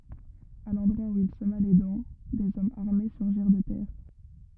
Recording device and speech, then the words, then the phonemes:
rigid in-ear microphone, read sentence
À l’endroit où il sema les dents, des hommes armés surgirent de terre.
a lɑ̃dʁwa u il səma le dɑ̃ dez ɔmz aʁme syʁʒiʁ də tɛʁ

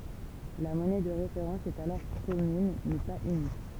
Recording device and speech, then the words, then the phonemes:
temple vibration pickup, read sentence
La monnaie de référence est alors commune, mais pas unique.
la mɔnɛ də ʁefeʁɑ̃s ɛt alɔʁ kɔmyn mɛ paz ynik

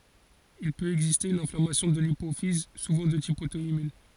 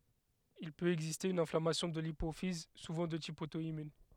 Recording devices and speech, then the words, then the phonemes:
forehead accelerometer, headset microphone, read sentence
Il peut exister une inflammation de l'hypophyse, souvent de type auto-immun.
il pøt ɛɡziste yn ɛ̃flamasjɔ̃ də lipofiz suvɑ̃ də tip oto immœ̃

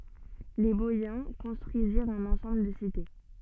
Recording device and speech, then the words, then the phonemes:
soft in-ear microphone, read sentence
Les Boïens construisirent un ensemble de cités.
le bɔjɛ̃ kɔ̃stʁyiziʁt œ̃n ɑ̃sɑ̃bl də site

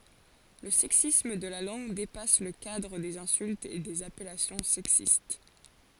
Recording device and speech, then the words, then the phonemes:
forehead accelerometer, read sentence
Le sexisme de la langue dépasse le cadre des insultes et des appellations sexistes.
lə sɛksism də la lɑ̃ɡ depas lə kadʁ dez ɛ̃syltz e dez apɛlasjɔ̃ sɛksist

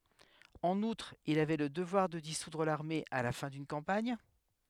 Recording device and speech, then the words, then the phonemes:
headset microphone, read sentence
En outre, il avait le devoir de dissoudre l'armée à la fin d'une campagne.
ɑ̃n utʁ il avɛ lə dəvwaʁ də disudʁ laʁme a la fɛ̃ dyn kɑ̃paɲ

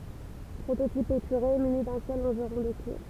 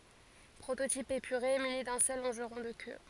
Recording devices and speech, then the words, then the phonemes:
temple vibration pickup, forehead accelerometer, read sentence
Prototype épuré muni d'un seul longeron de queue.
pʁototip epyʁe myni dœ̃ sœl lɔ̃ʒʁɔ̃ də kø

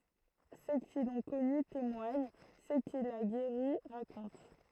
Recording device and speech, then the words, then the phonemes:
throat microphone, read sentence
Ceux qui l'ont connu témoignent, ceux qu'il a guéris racontent.
sø ki lɔ̃ kɔny temwaɲ sø kil a ɡeʁi ʁakɔ̃t

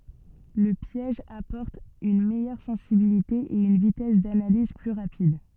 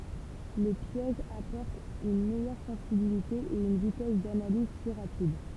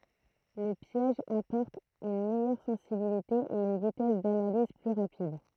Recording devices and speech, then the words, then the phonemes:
soft in-ear microphone, temple vibration pickup, throat microphone, read sentence
Le piège apporte une meilleure sensibilité et une vitesse d'analyse plus rapide.
lə pjɛʒ apɔʁt yn mɛjœʁ sɑ̃sibilite e yn vitɛs danaliz ply ʁapid

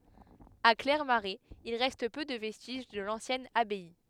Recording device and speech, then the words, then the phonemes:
headset microphone, read sentence
À Clairmarais, il reste peu de vestiges de l'ancienne abbaye.
a klɛʁmaʁɛz il ʁɛst pø də vɛstiʒ də lɑ̃sjɛn abaj

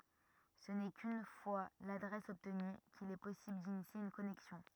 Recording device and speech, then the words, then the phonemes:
rigid in-ear microphone, read sentence
Ce n'est qu'une fois l'adresse obtenue qu'il est possible d'initier une connexion.
sə nɛ kyn fwa ladʁɛs ɔbtny kil ɛ pɔsibl dinisje yn kɔnɛksjɔ̃

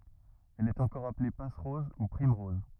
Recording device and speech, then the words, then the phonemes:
rigid in-ear microphone, read sentence
Elle est encore appelée passe-rose ou primerose.
ɛl ɛt ɑ̃kɔʁ aple pasʁɔz u pʁimʁɔz

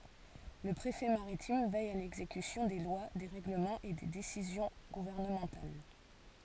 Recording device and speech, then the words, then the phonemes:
forehead accelerometer, read sentence
Le préfet maritime veille à l'exécution des lois, des règlements et des décisions gouvernementales.
lə pʁefɛ maʁitim vɛj a lɛɡzekysjɔ̃ de lwa de ʁɛɡləmɑ̃z e de desizjɔ̃ ɡuvɛʁnəmɑ̃tal

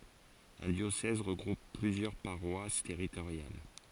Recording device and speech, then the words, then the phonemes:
forehead accelerometer, read sentence
Un diocèse regroupe plusieurs paroisses territoriales.
œ̃ djosɛz ʁəɡʁup plyzjœʁ paʁwas tɛʁitoʁjal

